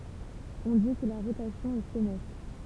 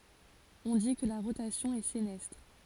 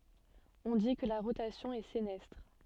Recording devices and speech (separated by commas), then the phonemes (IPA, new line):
temple vibration pickup, forehead accelerometer, soft in-ear microphone, read sentence
ɔ̃ di kə la ʁotasjɔ̃ ɛ senɛstʁ